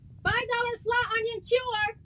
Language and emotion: English, fearful